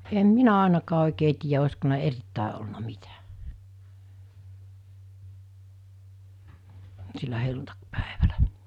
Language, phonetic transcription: Finnish, em 'minä àenakaa òikee tiijä osko nii(l)ä 'erittä̀e olna 'mitä , sillä 'helluntakpᴀ̈ᴇᴠᴀ̈ʟᴀ̈ .
- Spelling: en minä ainakaan oikein tiedä olisiko niillä erittäin ollut mitä sillä helluntaipäivällä

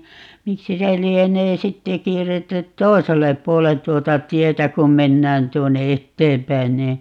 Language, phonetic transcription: Finnish, 'miksi se 'lienee "sitte 'kierretty "t̀oi̮sellep 'puolen 'tuota "tietä kum 'mennään 'tuonne "etteempäin nii , .
- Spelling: miksi se lienee sitten kierretty toiselle puolen tuota tietä kun mennään tuonne eteenpäin niin

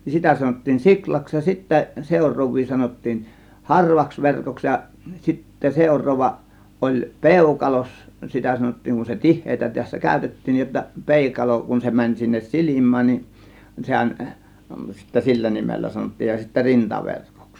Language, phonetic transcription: Finnish, nin "sitä sanot̀tiin 'siklaks ja sittä , 'sèur̆roov̆vii sanottiin , "harvaks 'verkoks ja , sitte 'sèur̆roovva 'ˀoĺ "pèukalos , 'sitä 'sanottiiŋ kun se "tih̆heetä tässä "kä̀ö̇tettiin nij jotta , "pèikalo kun se 'mäń sinnes "silim̆mään nin , 'sehän , sittä 'sillä 'nimellä sanottiij ja sittä "rintaverkOks .
- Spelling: niin sitä sanottiin siulaksi ja sitten seuraavia sanottiin harvaksi verkoksi ja sitten seuraava oli peukaloksi sitä sanottiin kun se tiheää tässä käytettiin niin jotta peukalo kun se meni sinne silmään niin sehän sitten sillä nimellä sanottiin ja sitten rintaverkoksi

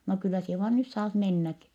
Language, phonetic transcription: Finnish, » no kyllä sie vaan nys saat mennäki . »
- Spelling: no kyllä sinä vain nyt saat mennäkin

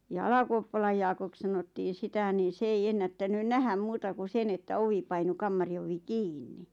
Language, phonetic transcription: Finnish, ja "Alakuoppalaj Jaakok sanottiiⁿ 'sitä nii 's ‿ei 'ennättänyn "nähäm 'muuta ku 'sen ‿että 'ovi painu "kammari ovi "kiinni .
- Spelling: ja Alakuoppalan Jaakoksi sanottiin sitä niin se ei ennättänyt nähdä muuta kuin sen että ovi painui kamarin ovi kiinni

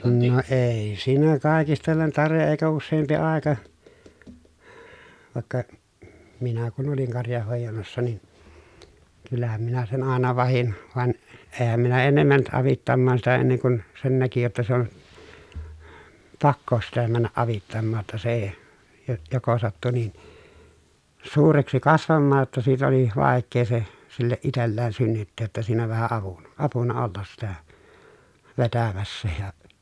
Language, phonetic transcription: Finnish, no èi siinä kàekistellen tarvi(he) eekä usseempi àeka , vàekka , minä kun oliŋ karjahhòejannassa nin , kyllähäm minä sen àena vahin , van , eehäm minä ennem mänt ʼavittammaan sitä enneŋ kun , sen näki jotta se on , pakko (jo) sitä männäʼ ʼavittammaa ‿tta se e- , jo- joko sattu nin , suureksi kasvammaaj jotta siit ‿oli vàekkee se , silleʼ ʼitelleen synnytteej jotta siinä vähä avun , apuna ollas sitä , vetämässä ja .
- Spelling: no ei siinä kaikistellen tarvitse eikä useampi aika vaikka minä kun olin karjanhoidannassa niin kyllähän minä sen aina vahdin vaan enhän minä ennen mennyt avittamaan sitä ennen kuin sen näki jotta se on pakko jo sitä mennä avittamaan jotta se - jo joko sattui niin suureksi kasvamaan jotta siitä oli vaikea se sille itselleen synnyttää jotta siinä vähän avun apuna olla sitä vetämässä ja

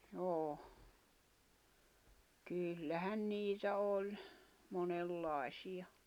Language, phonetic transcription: Finnish, joo , 'kyllähän 'niitä oĺ , 'monel'lài̬siʲa .
- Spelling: joo kyllähän niitä oli monenlaisia

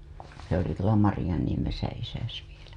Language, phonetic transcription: Finnish, se ‿oli tuola 'Marĭjaniemesä isäs vielä .
- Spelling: se oli tuolla Marjaniemessä isäsi vielä

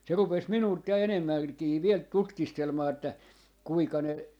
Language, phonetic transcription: Finnish, se rupes 'minult ja "enemmäŋkii 'viel "tutkistelmaa että , » 'kuika ne ,.
- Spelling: se rupesi minulta ja enemmänkin vielä tutkistelemaan että kuinka ne

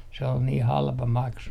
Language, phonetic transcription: Finnish, se ol nii 'halpa 'maksu .
- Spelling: se oli niin halpa maksu

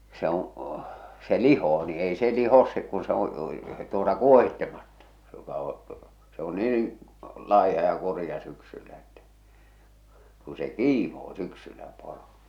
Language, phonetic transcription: Finnish, se ‿oo̰ , se "lihoo ni 'ei se 'lihos se kun se ‿oo̰ , tuota "kuohittemattᴀ , se joka oo̰ , se ‿o 'niin̬ , 'laiha ja 'kurⁱja syksyllä ettᴀ̈ , ku se "kiimoo 'syksyllä 'poro .
- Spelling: se on se lihoo niin ei se liho se kun se on tuota kuohitsematta se joka on se on niin laiha ja kurja syksyllä että kun se kiimoo syksyllä poro

